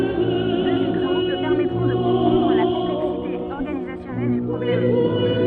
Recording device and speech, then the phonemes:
soft in-ear microphone, read sentence
døz ɛɡzɑ̃pl pɛʁmɛtʁɔ̃ də kɔ̃pʁɑ̃dʁ la kɔ̃plɛksite ɔʁɡanizasjɔnɛl dy pʁɔblɛm

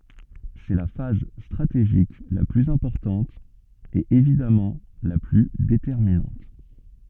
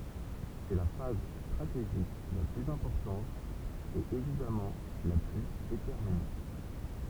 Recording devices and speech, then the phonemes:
soft in-ear microphone, temple vibration pickup, read sentence
sɛ la faz stʁateʒik la plyz ɛ̃pɔʁtɑ̃t e evidamɑ̃ la ply detɛʁminɑ̃t

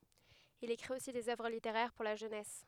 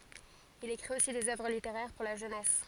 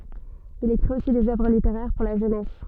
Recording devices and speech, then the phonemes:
headset microphone, forehead accelerometer, soft in-ear microphone, read sentence
il ekʁit osi dez œvʁ liteʁɛʁ puʁ la ʒønɛs

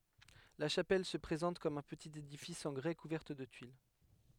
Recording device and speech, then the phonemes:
headset microphone, read sentence
la ʃapɛl sə pʁezɑ̃t kɔm œ̃ pətit edifis ɑ̃ ɡʁɛ kuvɛʁt də tyil

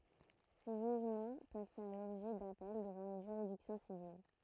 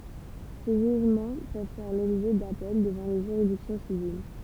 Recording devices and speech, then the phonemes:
throat microphone, temple vibration pickup, read sentence
se ʒyʒmɑ̃ pøv fɛʁ lɔbʒɛ dapɛl dəvɑ̃ le ʒyʁidiksjɔ̃ sivil

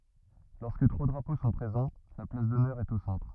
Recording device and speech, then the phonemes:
rigid in-ear microphone, read sentence
lɔʁskə tʁwa dʁapo sɔ̃ pʁezɑ̃ la plas dɔnœʁ ɛt o sɑ̃tʁ

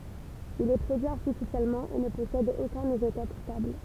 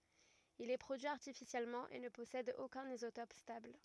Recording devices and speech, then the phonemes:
temple vibration pickup, rigid in-ear microphone, read sentence
il ɛ pʁodyi aʁtifisjɛlmɑ̃ e nə pɔsɛd okœ̃n izotɔp stabl

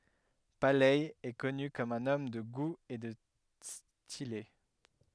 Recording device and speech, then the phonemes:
headset microphone, read sentence
palɛ ɛ kɔny kɔm œ̃n ɔm də ɡu e də stile

